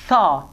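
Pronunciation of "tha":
The th sound is said voiceless.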